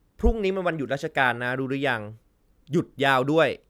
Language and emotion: Thai, neutral